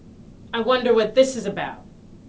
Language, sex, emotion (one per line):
English
female
angry